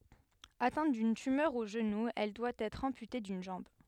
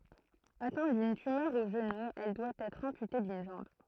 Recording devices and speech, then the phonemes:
headset microphone, throat microphone, read sentence
atɛ̃t dyn tymœʁ o ʒənu ɛl dwa ɛtʁ ɑ̃pyte dyn ʒɑ̃b

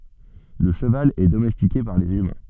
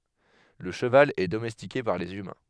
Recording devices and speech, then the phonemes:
soft in-ear microphone, headset microphone, read sentence
lə ʃəval ɛ domɛstike paʁ lez ymɛ̃

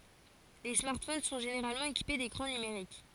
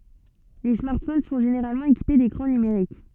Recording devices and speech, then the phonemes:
forehead accelerometer, soft in-ear microphone, read sentence
le smaʁtfon sɔ̃ ʒeneʁalmɑ̃ ekipe dekʁɑ̃ nymeʁik

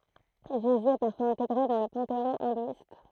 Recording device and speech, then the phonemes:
throat microphone, read sentence
ʒezy ɛ paʁfwaz ɛ̃teɡʁe dɑ̃ lə pɑ̃teɔ̃ ɛ̃dwist

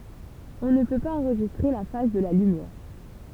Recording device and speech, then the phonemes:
temple vibration pickup, read sentence
ɔ̃ nə pø paz ɑ̃ʁʒistʁe la faz də la lymjɛʁ

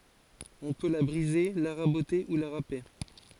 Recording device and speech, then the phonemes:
forehead accelerometer, read sentence
ɔ̃ pø la bʁize la ʁabote u la ʁape

